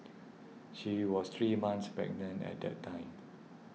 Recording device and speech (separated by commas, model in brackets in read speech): mobile phone (iPhone 6), read sentence